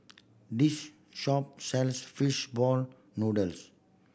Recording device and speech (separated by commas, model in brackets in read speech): boundary microphone (BM630), read sentence